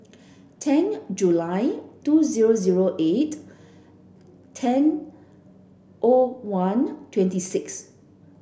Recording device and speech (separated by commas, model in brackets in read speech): boundary microphone (BM630), read sentence